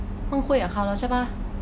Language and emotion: Thai, neutral